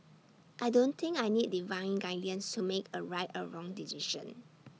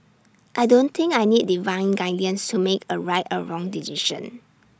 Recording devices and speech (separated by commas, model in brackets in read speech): mobile phone (iPhone 6), standing microphone (AKG C214), read sentence